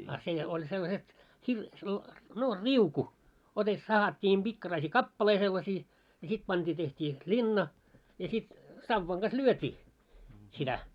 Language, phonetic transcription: Finnish, a 'sè oĺ sellaset , 'hir- sella- , no "riuku , ote- , 'sahat́t́iim ʙikkaraisii "kappalei sellasii , ja 'sit panᴅii teht́ii sit "ĺinna , ja sit , 'savvaŋ ɢas "lyöt́ii , sitä .
- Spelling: ja se oli sellaiset - - no riuku - sahattiin pikkaraisia kappaleita sellaisia ja sitten pantiin tehtiin sitten linna ja sitten sauvan kanssa lyötiin sitä

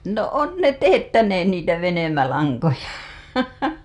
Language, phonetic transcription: Finnish, no 'on 'ne "teettäneen 'niitä "venymälaŋkoja .
- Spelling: no on ne teettäneet niitä venymälankoja

